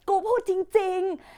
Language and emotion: Thai, frustrated